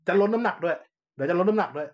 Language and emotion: Thai, frustrated